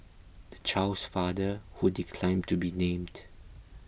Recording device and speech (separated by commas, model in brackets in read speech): boundary microphone (BM630), read sentence